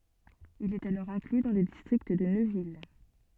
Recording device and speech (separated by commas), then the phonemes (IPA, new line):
soft in-ear microphone, read sentence
il ɛt alɔʁ ɛ̃kly dɑ̃ lə distʁikt də nøvil